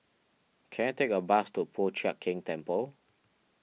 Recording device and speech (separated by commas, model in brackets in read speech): mobile phone (iPhone 6), read sentence